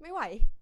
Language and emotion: Thai, frustrated